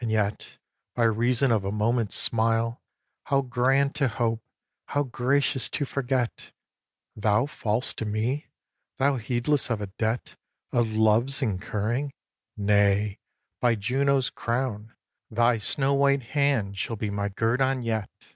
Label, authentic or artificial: authentic